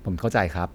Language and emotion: Thai, neutral